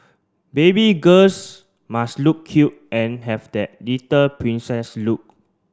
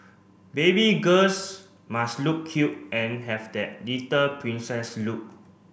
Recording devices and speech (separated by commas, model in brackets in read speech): standing microphone (AKG C214), boundary microphone (BM630), read sentence